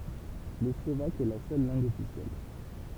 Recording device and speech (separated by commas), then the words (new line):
temple vibration pickup, read sentence
Le slovaque est la seule langue officielle.